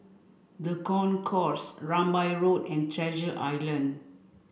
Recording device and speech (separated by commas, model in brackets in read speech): boundary microphone (BM630), read sentence